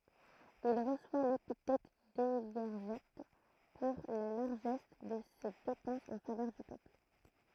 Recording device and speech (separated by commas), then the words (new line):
throat microphone, read sentence
Il reçoit l'épithète d'Évergète pour la largesse de ses dépenses en faveur du peuple.